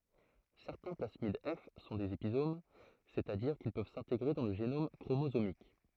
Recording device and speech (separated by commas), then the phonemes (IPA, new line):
throat microphone, read sentence
sɛʁtɛ̃ plasmid ɛf sɔ̃ dez epizom sɛt a diʁ kil pøv sɛ̃teɡʁe dɑ̃ lə ʒenom kʁomozomik